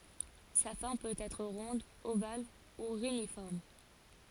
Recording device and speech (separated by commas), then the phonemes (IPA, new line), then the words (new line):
forehead accelerometer, read sentence
sa fɔʁm pøt ɛtʁ ʁɔ̃d oval u ʁenifɔʁm
Sa forme peut être ronde, ovale ou réniforme.